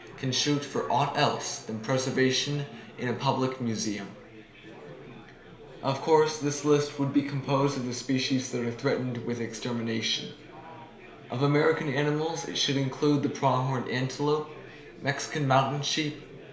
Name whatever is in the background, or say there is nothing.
Crowd babble.